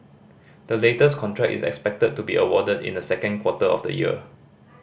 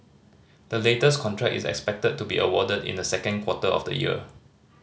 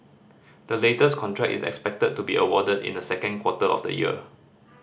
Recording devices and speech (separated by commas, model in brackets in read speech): boundary microphone (BM630), mobile phone (Samsung C5010), standing microphone (AKG C214), read sentence